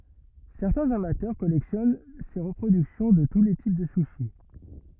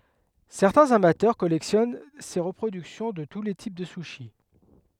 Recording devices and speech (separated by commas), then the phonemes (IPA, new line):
rigid in-ear microphone, headset microphone, read sentence
sɛʁtɛ̃z amatœʁ kɔlɛksjɔn se ʁəpʁodyksjɔ̃ də tu le tip də syʃi